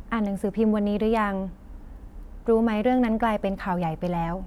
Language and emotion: Thai, neutral